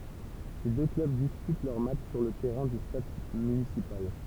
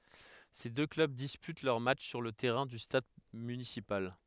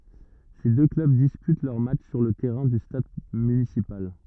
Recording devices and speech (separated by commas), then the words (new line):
temple vibration pickup, headset microphone, rigid in-ear microphone, read sentence
Ces deux clubs disputent leurs matchs sur le terrain du stade municipal.